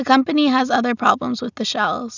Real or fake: real